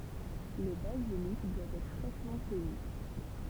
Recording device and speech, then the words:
temple vibration pickup, read sentence
Le basilic doit être fraîchement cueilli.

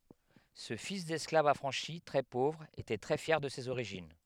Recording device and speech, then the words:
headset microphone, read sentence
Ce fils d'esclave affranchi, très pauvre était très fier de ses origines.

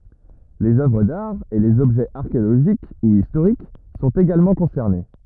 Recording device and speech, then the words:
rigid in-ear microphone, read sentence
Les œuvres d'art et les objets archéologiques ou historiques sont également concernés.

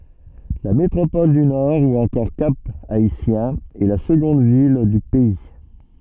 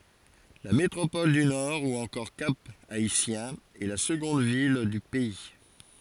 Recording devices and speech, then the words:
soft in-ear microphone, forehead accelerometer, read sentence
La métropole du Nord ou encore Cap-Haïtien est la seconde ville du pays.

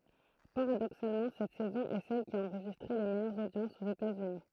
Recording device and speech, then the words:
throat microphone, read sentence
Paradoxalement, cette saison est celle qui a enregistré les meilleures audiences aux États-Unis.

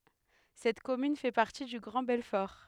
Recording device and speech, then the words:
headset microphone, read sentence
Cette commune fait partie du Grand Belfort.

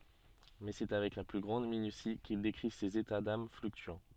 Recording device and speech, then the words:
soft in-ear microphone, read sentence
Mais c'est avec la plus grande minutie qu'il décrit ses états d'âmes fluctuants.

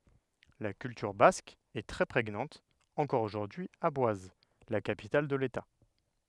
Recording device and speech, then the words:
headset microphone, read sentence
La culture basque est très prégnante encore aujourd’hui à Boise, la capitale de l’État.

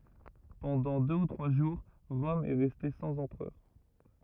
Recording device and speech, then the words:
rigid in-ear microphone, read sentence
Pendant deux ou trois jours, Rome est restée sans empereur.

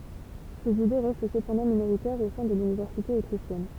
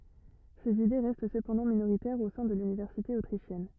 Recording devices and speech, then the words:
temple vibration pickup, rigid in-ear microphone, read sentence
Ses idées restent cependant minoritaires au sein de l'université autrichienne.

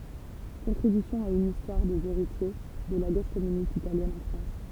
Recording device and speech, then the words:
temple vibration pickup, read sentence
Contribution à une histoire des héritiers de la Gauche communiste italienne en France.

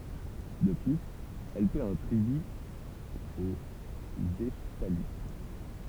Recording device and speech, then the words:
temple vibration pickup, read sentence
De plus, elle paie un tribut aux Hephthalites.

